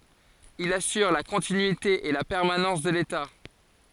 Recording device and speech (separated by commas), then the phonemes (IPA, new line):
forehead accelerometer, read sentence
il asyʁ la kɔ̃tinyite e la pɛʁmanɑ̃s də leta